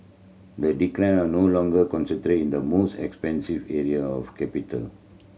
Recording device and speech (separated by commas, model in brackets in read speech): mobile phone (Samsung C7100), read sentence